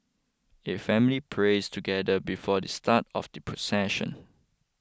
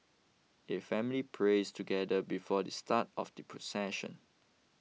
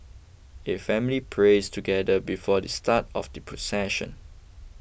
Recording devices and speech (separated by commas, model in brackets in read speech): close-talking microphone (WH20), mobile phone (iPhone 6), boundary microphone (BM630), read sentence